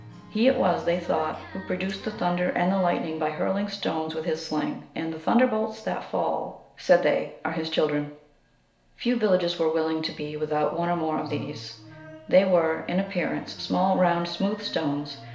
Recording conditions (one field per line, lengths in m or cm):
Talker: one person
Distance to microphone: 1.0 m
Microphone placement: close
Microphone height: 1.1 m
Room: small (3.7 m by 2.7 m)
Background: music